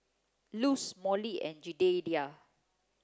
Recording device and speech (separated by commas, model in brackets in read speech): close-talking microphone (WH30), read sentence